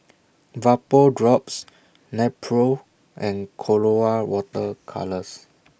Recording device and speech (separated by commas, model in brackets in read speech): boundary microphone (BM630), read sentence